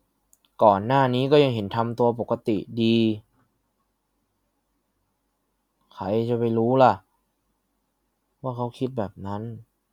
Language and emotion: Thai, sad